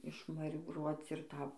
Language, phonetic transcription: Lithuanian, išmaribˈruoc ir ˈta

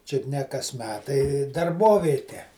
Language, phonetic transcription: Lithuanian, ˈčiut ne kas ˈmetai darˈbovėte

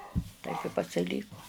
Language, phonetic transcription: Lithuanian, taip i pasiˈlyko

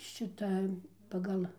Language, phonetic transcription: Lithuanian, ˈšita paˈgal

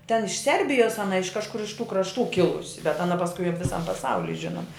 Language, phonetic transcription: Lithuanian, ten iš ˈserbijos aˈna iš kažˈkur iš tų krašˈtų ˈkilusi bet aˈna pasˈkui ap viˈsam paˈsauli ˈžinoma

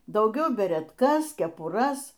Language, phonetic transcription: Lithuanian, dauˈgiau beretˈkas kepuˈras

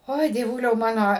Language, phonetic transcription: Lithuanian, ˈoi dieˈvuliau ˈmano

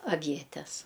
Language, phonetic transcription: Lithuanian, aˈvietes

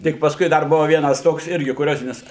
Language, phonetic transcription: Lithuanian, ˈtik pasˈkui ˈdar ˈbuva ˈvienas ˈtoks ˈirgi kuˈriozinis

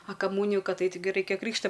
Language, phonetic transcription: Lithuanian, a kaˈmūniju ˈkad ˈait taiˈgi ˈraikia ˈkrykšta

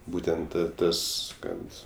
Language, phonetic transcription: Lithuanian, ˈbūtent ˈtas ˈkad

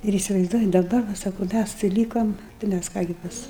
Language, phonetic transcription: Lithuanian, ir įsivaizˈduoji daˈbar va ˈsaku ˈmæs tai ˈlykam tai ˈmæs ˈką gi ˈpas

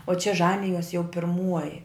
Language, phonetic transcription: Lithuanian, o čia ˈžanijos jau pirˈmuoji

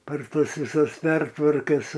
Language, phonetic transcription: Lithuanian, par ˈtas viˈsas ˈpertvarkas

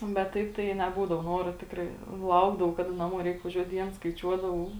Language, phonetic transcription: Lithuanian, bet ˈtaip tai neˈbūdavo ˈnoro ˈtikrai ˈlaukdavau ˈkaˌda naˈmuo ˈreik vaˈžiuot ˈdiens skaiˈčiuodavau

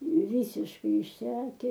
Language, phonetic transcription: Lithuanian, ˈvysiškai išˈseke

